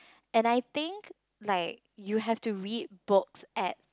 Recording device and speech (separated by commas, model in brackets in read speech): close-talking microphone, conversation in the same room